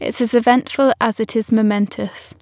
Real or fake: real